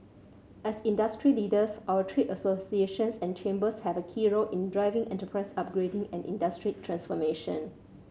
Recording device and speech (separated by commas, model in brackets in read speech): mobile phone (Samsung C7100), read sentence